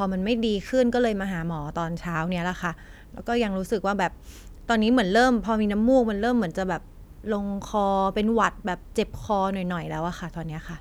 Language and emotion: Thai, neutral